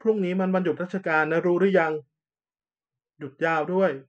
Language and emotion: Thai, neutral